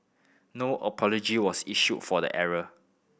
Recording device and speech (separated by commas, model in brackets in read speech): boundary microphone (BM630), read sentence